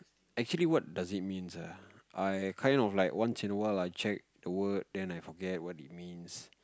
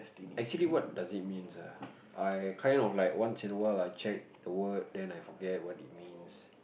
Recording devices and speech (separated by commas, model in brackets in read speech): close-talking microphone, boundary microphone, conversation in the same room